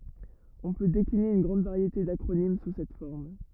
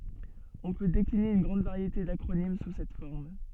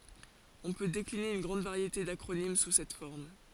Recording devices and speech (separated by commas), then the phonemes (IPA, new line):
rigid in-ear microphone, soft in-ear microphone, forehead accelerometer, read sentence
ɔ̃ pø dekline yn ɡʁɑ̃d vaʁjete dakʁonim su sɛt fɔʁm